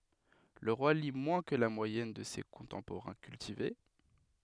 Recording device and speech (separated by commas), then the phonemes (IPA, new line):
headset microphone, read sentence
lə ʁwa li mwɛ̃ kə la mwajɛn də se kɔ̃tɑ̃poʁɛ̃ kyltive